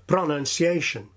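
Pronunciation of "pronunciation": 'Pronunciation' begins far too strongly here. The first syllable is not weak, as it is in native speech.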